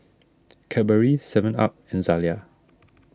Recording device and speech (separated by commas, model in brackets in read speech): standing microphone (AKG C214), read sentence